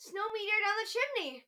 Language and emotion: English, happy